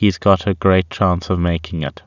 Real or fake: real